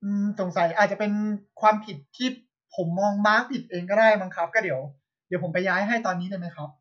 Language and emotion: Thai, frustrated